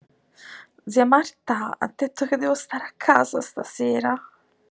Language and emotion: Italian, fearful